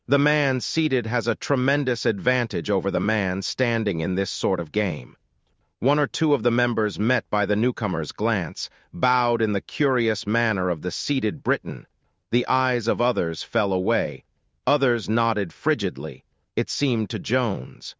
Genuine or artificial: artificial